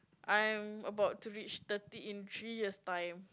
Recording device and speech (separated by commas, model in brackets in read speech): close-talking microphone, conversation in the same room